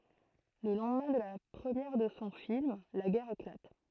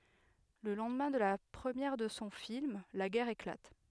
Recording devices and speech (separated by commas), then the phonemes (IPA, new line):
throat microphone, headset microphone, read sentence
lə lɑ̃dmɛ̃ də la pʁəmjɛʁ də sɔ̃ film la ɡɛʁ eklat